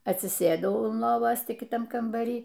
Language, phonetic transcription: Lithuanian, atsiˈsėdau un ˈlovos ˈti kiˈtam kambaˈry

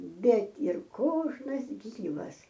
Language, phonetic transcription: Lithuanian, ˈbet ir ˈkožnas ˈgyvas

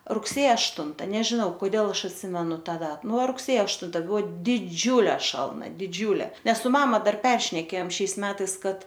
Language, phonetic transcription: Lithuanian, rugˈsėja ašˈtunta nežiˈnau koˈdėl ˈaš atˈsimenu ˈta ˈdat ˈnu rugˈsėjo ašˈtun ˈbuo diˈdžiūle ˈšalna diˈdžiūlė ˈnes su ˈmama dar ˈperšnekėjom ˈšiais ˈmetais ˈkad

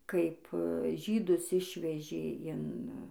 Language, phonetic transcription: Lithuanian, ˈkaip ˈžydus ˈišvežė in

